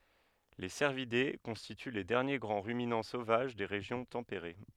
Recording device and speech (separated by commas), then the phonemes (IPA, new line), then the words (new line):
headset microphone, read sentence
le sɛʁvide kɔ̃stity le dɛʁnje ɡʁɑ̃ ʁyminɑ̃ sovaʒ de ʁeʒjɔ̃ tɑ̃peʁe
Les cervidés constituent les derniers grands ruminants sauvages des régions tempérées.